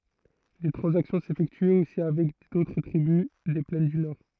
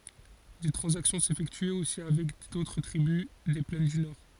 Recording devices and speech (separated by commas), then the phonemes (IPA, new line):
throat microphone, forehead accelerometer, read sentence
de tʁɑ̃zaksjɔ̃ sefɛktyɛt osi avɛk dotʁ tʁibys de plɛn dy nɔʁ